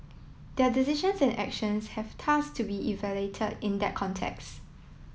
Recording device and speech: mobile phone (iPhone 7), read sentence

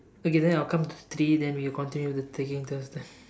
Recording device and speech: standing microphone, conversation in separate rooms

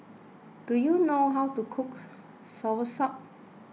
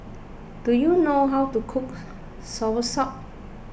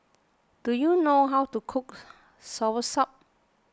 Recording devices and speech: mobile phone (iPhone 6), boundary microphone (BM630), close-talking microphone (WH20), read sentence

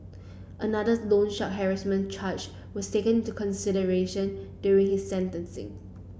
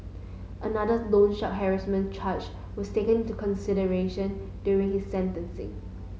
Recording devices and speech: boundary microphone (BM630), mobile phone (Samsung S8), read sentence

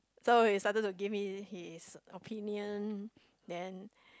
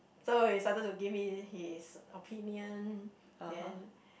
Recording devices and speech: close-talking microphone, boundary microphone, conversation in the same room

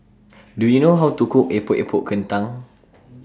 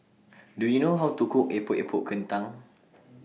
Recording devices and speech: standing microphone (AKG C214), mobile phone (iPhone 6), read sentence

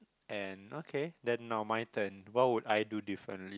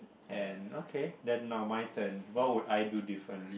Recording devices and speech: close-talking microphone, boundary microphone, conversation in the same room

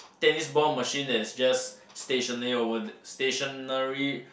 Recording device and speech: boundary microphone, conversation in the same room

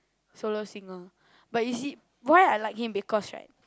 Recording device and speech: close-talking microphone, conversation in the same room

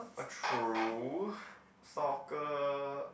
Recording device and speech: boundary microphone, conversation in the same room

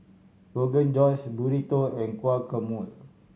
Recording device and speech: mobile phone (Samsung C7100), read sentence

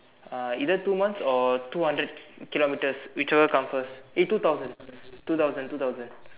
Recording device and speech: telephone, conversation in separate rooms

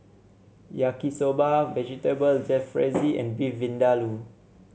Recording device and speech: mobile phone (Samsung C7), read sentence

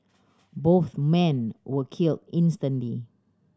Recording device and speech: standing microphone (AKG C214), read sentence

